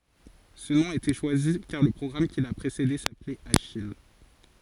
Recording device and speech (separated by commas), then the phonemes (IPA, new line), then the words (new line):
forehead accelerometer, read sentence
sə nɔ̃ a ete ʃwazi kaʁ lə pʁɔɡʁam ki la pʁesede saplɛt aʃij
Ce nom a été choisi car le programme qui l'a précédé s'appelait Achille.